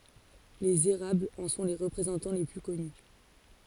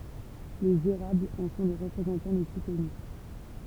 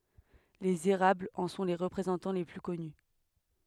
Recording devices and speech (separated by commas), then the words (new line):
forehead accelerometer, temple vibration pickup, headset microphone, read sentence
Les érables en sont les représentants les plus connus.